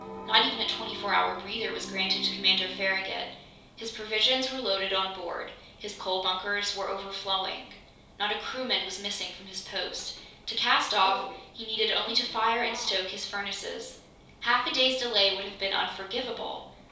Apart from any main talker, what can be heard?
A television.